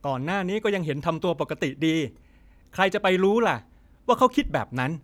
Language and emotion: Thai, frustrated